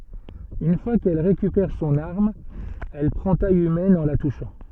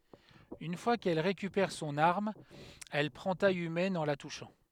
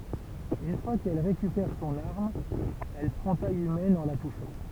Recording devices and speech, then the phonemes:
soft in-ear microphone, headset microphone, temple vibration pickup, read sentence
yn fwa kɛl ʁekypɛʁ sɔ̃n aʁm ɛl pʁɑ̃ taj ymɛn ɑ̃ la tuʃɑ̃

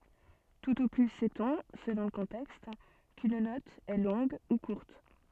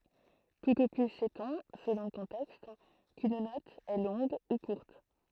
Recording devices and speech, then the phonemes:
soft in-ear microphone, throat microphone, read sentence
tut o ply sɛtɔ̃ səlɔ̃ lə kɔ̃tɛkst kyn nɔt ɛ lɔ̃ɡ u kuʁt

